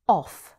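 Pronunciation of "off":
'Off' is said with a British pronunciation.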